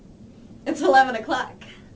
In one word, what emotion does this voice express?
happy